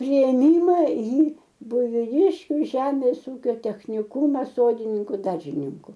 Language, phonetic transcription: Lithuanian, priėˈmima į buiviˈdiškiu ˈžemės ˈūkio techniˈkūmas ˈsodininku ˈdaržininku

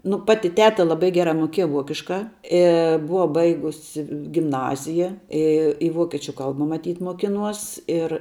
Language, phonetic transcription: Lithuanian, nu ˈpati ˈteta laˈbai ˈgera ˈmukieja ˈvuokiška ˈi ˈbuva ˈbaigusi gimˈnazija ˈi i ˈvuokečiu ˈkalba maˈtyt' muoˈkinuos ir

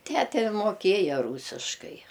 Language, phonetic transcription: Lithuanian, ˈtæte moˈkėja ˈrūsiškai

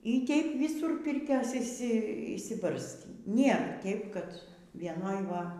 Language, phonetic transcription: Lithuanian, y ˈteip ˈvisūr ˈpirkios išˈsi išsiˈbarstį nėr ˈteip kad vieˈnoj ˈva

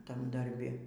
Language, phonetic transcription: Lithuanian, ˈtam darˈbi

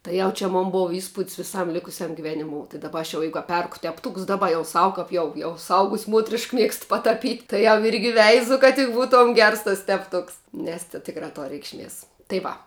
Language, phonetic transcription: Lithuanian, tai ˈjau čia ˈmon ˈbuva įˈspud's viˈsam ˈlikusiam giˈveniˌmou tai daˈba aš jau ˈjeigu a ˈperku tepˈtūks ˈdaˌba jau ˈsau kap ˈjau jau suˈaugus' ˈmuotrišk ˈmiegst pataˈpyt' tai jau ˈirgi ˈveizu kad ˈbūˌtuom ˈgers tas tepˈtuks nes ti ˈtikra ˈtor reikšˈmies tai ˈva

